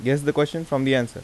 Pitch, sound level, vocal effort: 140 Hz, 86 dB SPL, normal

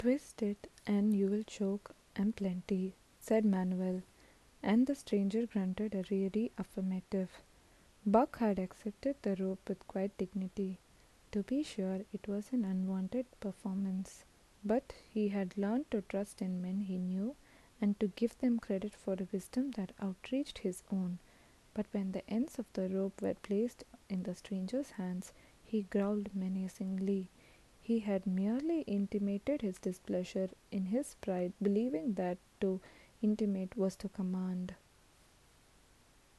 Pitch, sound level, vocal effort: 200 Hz, 73 dB SPL, soft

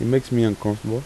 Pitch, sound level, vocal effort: 115 Hz, 84 dB SPL, soft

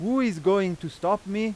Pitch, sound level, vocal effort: 200 Hz, 95 dB SPL, very loud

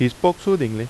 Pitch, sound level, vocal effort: 125 Hz, 85 dB SPL, loud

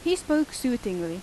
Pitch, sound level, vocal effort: 255 Hz, 86 dB SPL, loud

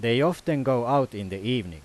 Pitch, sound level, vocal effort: 125 Hz, 92 dB SPL, very loud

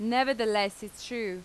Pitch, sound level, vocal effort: 215 Hz, 90 dB SPL, loud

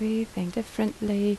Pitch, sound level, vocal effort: 215 Hz, 76 dB SPL, soft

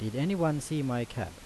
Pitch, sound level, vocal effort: 135 Hz, 85 dB SPL, normal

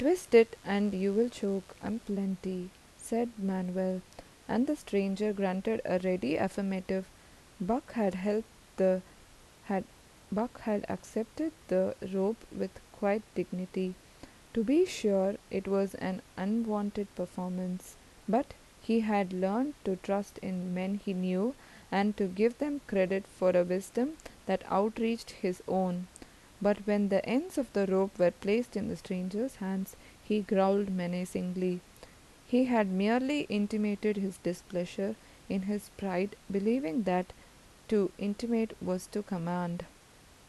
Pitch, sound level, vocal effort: 200 Hz, 80 dB SPL, normal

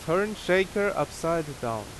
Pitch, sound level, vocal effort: 165 Hz, 89 dB SPL, very loud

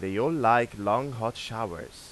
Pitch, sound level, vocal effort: 115 Hz, 93 dB SPL, normal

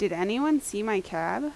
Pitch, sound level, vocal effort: 205 Hz, 85 dB SPL, loud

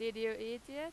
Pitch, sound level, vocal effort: 230 Hz, 95 dB SPL, loud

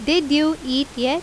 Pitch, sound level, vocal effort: 290 Hz, 88 dB SPL, very loud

